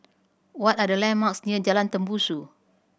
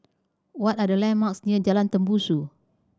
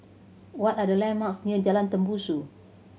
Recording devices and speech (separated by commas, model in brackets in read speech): boundary microphone (BM630), standing microphone (AKG C214), mobile phone (Samsung C7100), read sentence